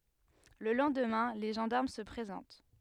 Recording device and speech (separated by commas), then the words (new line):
headset microphone, read sentence
Le lendemain, les gendarmes se présentent.